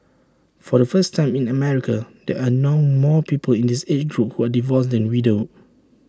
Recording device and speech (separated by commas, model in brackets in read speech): standing microphone (AKG C214), read sentence